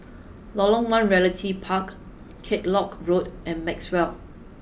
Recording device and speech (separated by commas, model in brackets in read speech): boundary microphone (BM630), read sentence